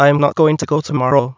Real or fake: fake